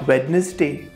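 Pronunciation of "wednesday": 'Wednesday' is pronounced incorrectly here.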